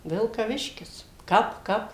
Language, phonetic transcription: Lithuanian, vilkaˈviškis ˈkap ˈkap

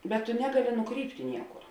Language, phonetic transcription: Lithuanian, bet tu ˈnegaˌli nuˈkrypti ˈniekur

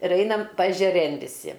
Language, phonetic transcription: Lithuanian, ir ˈainam paežeˈrėn viˈsi

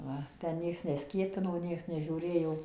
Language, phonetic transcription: Lithuanian, ˈva tę ˈnieks neˈskiepino ˈnieks nežiūˈrėjo

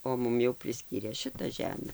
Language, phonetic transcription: Lithuanian, o ˈmum jau priˈskyrė ˈšita ˈžeme

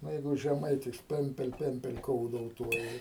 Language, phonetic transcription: Lithuanian, ˈnu ˈjeigu žeˈmaitis ˈpempel ˈpempel ˈkoudouˌtuoji

